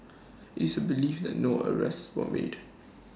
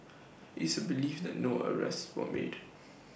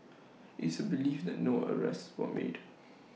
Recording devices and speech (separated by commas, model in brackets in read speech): standing microphone (AKG C214), boundary microphone (BM630), mobile phone (iPhone 6), read sentence